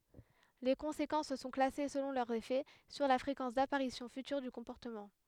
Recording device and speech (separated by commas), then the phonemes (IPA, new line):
headset microphone, read sentence
le kɔ̃sekɑ̃s sɔ̃ klase səlɔ̃ lœʁ efɛ syʁ la fʁekɑ̃s dapaʁisjɔ̃ fytyʁ dy kɔ̃pɔʁtəmɑ̃